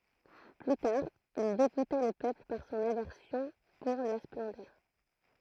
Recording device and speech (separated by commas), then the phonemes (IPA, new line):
throat microphone, read sentence
ply taʁ il deɡuta lə pøpl paʁ sɔ̃n avɛʁsjɔ̃ puʁ la splɑ̃dœʁ